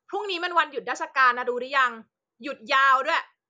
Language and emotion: Thai, angry